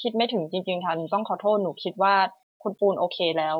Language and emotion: Thai, sad